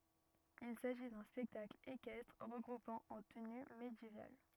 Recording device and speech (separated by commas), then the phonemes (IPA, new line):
rigid in-ear microphone, read sentence
il saʒi dœ̃ spɛktakl ekɛstʁ ʁəɡʁupɑ̃ ɑ̃ təny medjeval